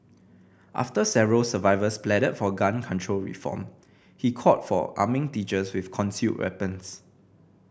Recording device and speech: boundary microphone (BM630), read sentence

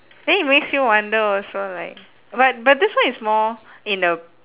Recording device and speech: telephone, conversation in separate rooms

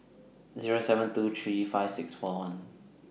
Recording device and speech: mobile phone (iPhone 6), read sentence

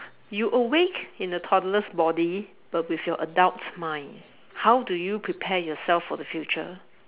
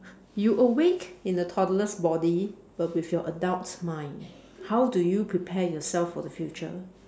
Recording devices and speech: telephone, standing microphone, conversation in separate rooms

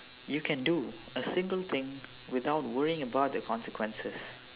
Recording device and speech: telephone, conversation in separate rooms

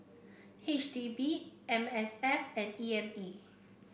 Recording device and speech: boundary microphone (BM630), read sentence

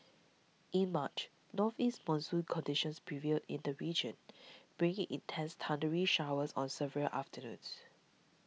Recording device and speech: mobile phone (iPhone 6), read sentence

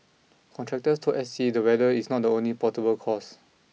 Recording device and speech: mobile phone (iPhone 6), read sentence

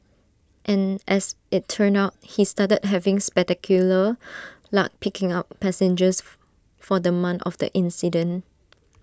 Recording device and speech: standing microphone (AKG C214), read sentence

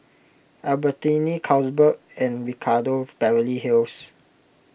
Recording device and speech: boundary microphone (BM630), read sentence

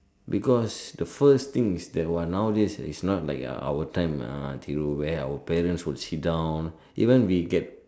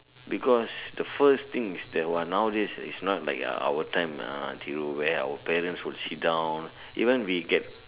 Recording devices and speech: standing microphone, telephone, conversation in separate rooms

